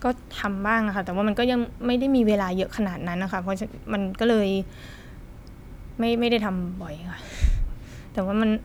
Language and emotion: Thai, frustrated